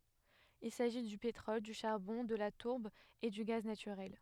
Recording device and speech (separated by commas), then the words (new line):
headset microphone, read sentence
Il s’agit du pétrole, du charbon, de la tourbe et du gaz naturel.